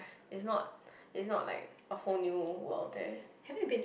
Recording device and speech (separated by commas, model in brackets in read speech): boundary microphone, conversation in the same room